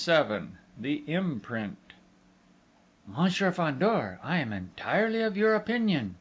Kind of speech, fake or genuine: genuine